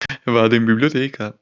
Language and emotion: Italian, happy